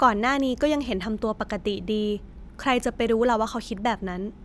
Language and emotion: Thai, neutral